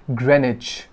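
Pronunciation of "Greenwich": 'Greenwich' is pronounced correctly here, not as 'green witch'.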